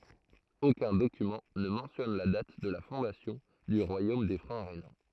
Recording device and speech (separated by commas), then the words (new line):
throat microphone, read sentence
Aucun document ne mentionne la date de la fondation du royaume des Francs rhénans.